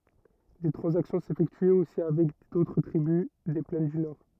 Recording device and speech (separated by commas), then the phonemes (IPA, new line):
rigid in-ear microphone, read sentence
de tʁɑ̃zaksjɔ̃ sefɛktyɛt osi avɛk dotʁ tʁibys de plɛn dy nɔʁ